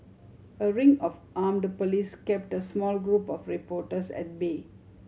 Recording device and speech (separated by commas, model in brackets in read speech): mobile phone (Samsung C7100), read sentence